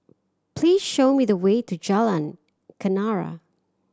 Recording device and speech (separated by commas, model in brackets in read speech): standing microphone (AKG C214), read sentence